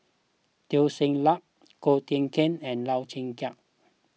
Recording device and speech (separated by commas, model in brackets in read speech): mobile phone (iPhone 6), read sentence